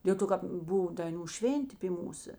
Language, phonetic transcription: Lithuanian, dėl ˈto kap ˈbuv daiˈnų ˈšvėntė py ˈmūsa

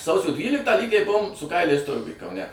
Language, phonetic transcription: Lithuanian, ˈsausio ˈdvyliktą ˈlygiai ˈbuvom su ˈkailiais ˈturguj kauˈne

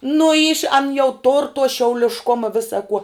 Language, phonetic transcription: Lithuanian, nu yš an jau tor to šiaulišˈkoma ˈvisa kuo

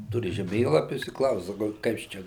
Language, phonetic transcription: Lithuanian, ˈturi žeˈmėlapius i ˈklaus saˈkau ˈkas čia

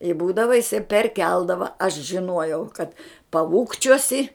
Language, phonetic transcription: Lithuanian, i ˈbūdava jiˈsai perˈkeldava aš žiˈnuojau kad paˈūkčiuosi

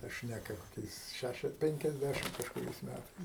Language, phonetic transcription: Lithuanian, ta ˈšneka koˈkiais ˈšæšias ˌpenkiasˈdæšim kažkuˈriais ˈmætais

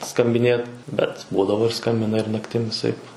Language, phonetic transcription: Lithuanian, skambiˈnėt ˈbet ˈbūdavo ir ˈskambina ir nakˈtim viˈsaip

